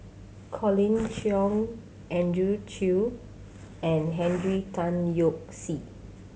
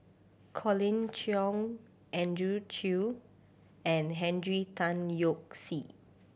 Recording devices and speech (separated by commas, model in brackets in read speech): mobile phone (Samsung C7100), boundary microphone (BM630), read sentence